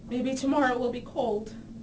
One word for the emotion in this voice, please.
fearful